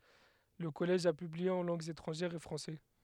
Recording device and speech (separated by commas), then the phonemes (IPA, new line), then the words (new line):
headset microphone, read sentence
lə kɔlɛʒ a pyblie ɑ̃ lɑ̃ɡz etʁɑ̃ʒɛʁz o fʁɑ̃sɛ
Le Collège a publié en langues étrangères au français.